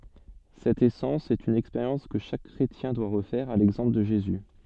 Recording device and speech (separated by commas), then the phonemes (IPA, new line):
soft in-ear microphone, read sentence
sɛt esɑ̃s sɛt yn ɛkspeʁjɑ̃s kə ʃak kʁetjɛ̃ dwa ʁəfɛʁ a lɛɡzɑ̃pl də ʒezy